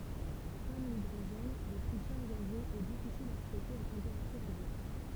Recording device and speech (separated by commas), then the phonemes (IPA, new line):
temple vibration pickup, read sentence
kɔm lidʁoʒɛn lə tʁisjɔm ɡazøz ɛ difisil a stokeʁ a tɑ̃peʁatyʁ ɑ̃bjɑ̃t